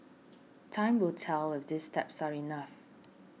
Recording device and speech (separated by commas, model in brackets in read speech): mobile phone (iPhone 6), read sentence